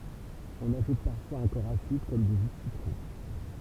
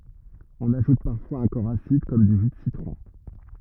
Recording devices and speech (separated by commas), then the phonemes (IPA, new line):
temple vibration pickup, rigid in-ear microphone, read sentence
ɔ̃n aʒut paʁfwaz œ̃ kɔʁ asid kɔm dy ʒy də sitʁɔ̃